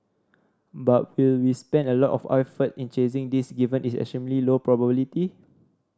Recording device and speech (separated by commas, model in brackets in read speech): standing microphone (AKG C214), read sentence